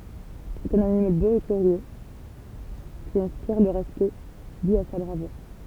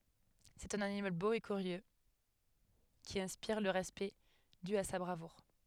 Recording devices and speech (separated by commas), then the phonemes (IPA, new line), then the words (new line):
temple vibration pickup, headset microphone, read sentence
sɛt œ̃n animal bo e kyʁjø ki ɛ̃spiʁ lə ʁɛspɛkt dy a sa bʁavuʁ
C’est un animal beau et curieux qui inspire le respect dû à sa bravoure.